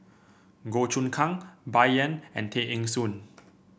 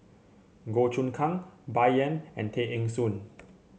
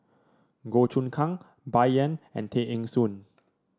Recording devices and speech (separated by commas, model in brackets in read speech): boundary microphone (BM630), mobile phone (Samsung C7), standing microphone (AKG C214), read sentence